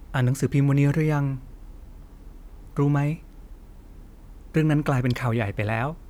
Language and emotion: Thai, neutral